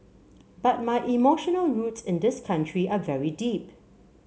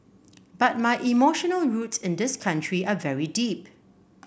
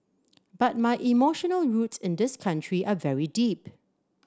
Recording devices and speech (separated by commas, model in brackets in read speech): mobile phone (Samsung C7), boundary microphone (BM630), standing microphone (AKG C214), read sentence